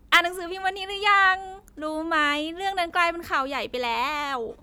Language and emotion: Thai, happy